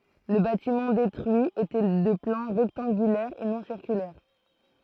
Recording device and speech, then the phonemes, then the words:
throat microphone, read sentence
lə batimɑ̃ detʁyi etɛ də plɑ̃ ʁɛktɑ̃ɡylɛʁ e nɔ̃ siʁkylɛʁ
Le bâtiment détruit était de plan rectangulaire et non circulaire.

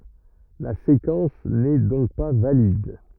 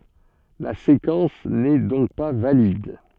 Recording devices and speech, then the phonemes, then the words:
rigid in-ear microphone, soft in-ear microphone, read sentence
la sekɑ̃s nɛ dɔ̃k pa valid
La séquence n’est donc pas valide.

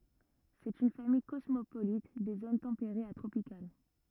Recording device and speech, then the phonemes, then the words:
rigid in-ear microphone, read sentence
sɛt yn famij kɔsmopolit de zon tɑ̃peʁez a tʁopikal
C'est une famille cosmopolite des zones tempérées à tropicales.

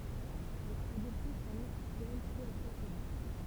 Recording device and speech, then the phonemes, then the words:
temple vibration pickup, read sentence
ɛl a adɔpte sɔ̃ nɔ̃ aktyɛl pø apʁɛ sɛt dat
Elle a adopté son nom actuel peu après cette date.

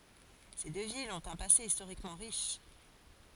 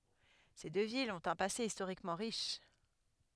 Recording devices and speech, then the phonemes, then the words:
forehead accelerometer, headset microphone, read sentence
se dø vilz ɔ̃t œ̃ pase istoʁikmɑ̃ ʁiʃ
Ces deux villes ont un passé historiquement riche.

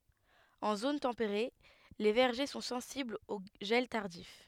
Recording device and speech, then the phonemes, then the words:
headset microphone, read sentence
ɑ̃ zon tɑ̃peʁe le vɛʁʒe sɔ̃ sɑ̃siblz o ʒɛl taʁdif
En zone tempérée, les vergers sont sensibles au gel tardif.

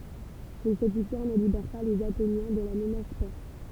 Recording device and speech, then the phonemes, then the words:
temple vibration pickup, read sentence
mɛ sɛt viktwaʁ nə libɛʁ pa lez atenjɛ̃ də la mənas pɛʁs
Mais cette victoire ne libère pas les Athéniens de la menace perse.

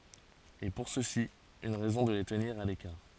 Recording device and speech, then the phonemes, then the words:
forehead accelerometer, read sentence
e puʁ sø si yn ʁɛzɔ̃ də le təniʁ a lekaʁ
Et pour ceux-ci, une raison de les tenir à l'écart.

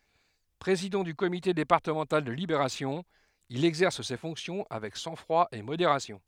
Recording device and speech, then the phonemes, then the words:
headset microphone, read sentence
pʁezidɑ̃ dy komite depaʁtəmɑ̃tal də libeʁasjɔ̃ il ɛɡzɛʁs se fɔ̃ksjɔ̃ avɛk sɑ̃ɡfʁwa e modeʁasjɔ̃
Président du comité départemental de Libération, il exerce ses fonctions avec sang-froid et modération.

